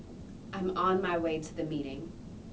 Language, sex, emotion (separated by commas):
English, female, neutral